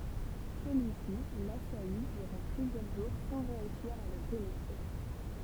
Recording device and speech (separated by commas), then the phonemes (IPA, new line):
temple vibration pickup, read sentence
səlyisi lasaji dyʁɑ̃ plyzjœʁ ʒuʁ sɑ̃ ʁeysiʁ a lə penetʁe